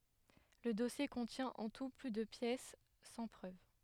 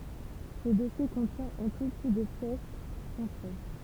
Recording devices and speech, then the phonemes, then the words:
headset microphone, temple vibration pickup, read sentence
lə dɔsje kɔ̃tjɛ̃ ɑ̃ tu ply də pjɛs sɑ̃ pʁøv
Le dossier contient en tout plus de pièces sans preuve.

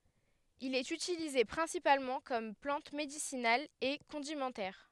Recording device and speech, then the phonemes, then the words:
headset microphone, read sentence
il ɛt ytilize pʁɛ̃sipalmɑ̃ kɔm plɑ̃t medisinal e kɔ̃dimɑ̃tɛʁ
Il est utilisé principalement comme plante médicinale et condimentaire.

